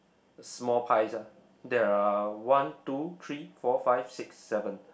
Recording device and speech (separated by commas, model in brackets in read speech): boundary microphone, conversation in the same room